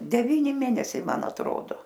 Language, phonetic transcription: Lithuanian, deˈvyni ˈmėnesiai ˈman atˈrodo

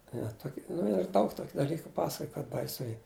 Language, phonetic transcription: Lithuanian, i va ˈtoki nu ir ˈdaug ˈtoki daˈlyku ˈpasakoj kad baiˈsu ˈy

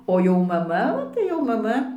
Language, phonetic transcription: Lithuanian, ˈo jau maˈma o tai jau maˈma

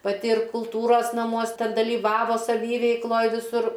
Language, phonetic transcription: Lithuanian, paˈti ir kulˈtūros naˈmuos ˈten dalyˈvavo saˈvyveikloj viˈsur

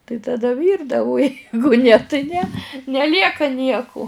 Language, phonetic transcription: Lithuanian, tai taˈda ˈvyrdavu u ˈjeigu ne ti ne neˈlieka ˈnieku

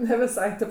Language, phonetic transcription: Lithuanian, ne viˈsai ˈtėp

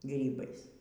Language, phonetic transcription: Lithuanian, ˈgrybais

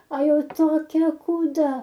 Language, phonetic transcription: Lithuanian, a ˈjau toˈkia kūˈda

